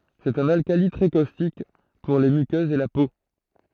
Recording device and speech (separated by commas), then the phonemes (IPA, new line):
throat microphone, read sentence
sɛt œ̃n alkali tʁɛ kostik puʁ le mykøzz e la po